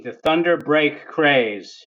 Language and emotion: English, angry